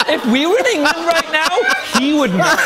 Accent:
British accent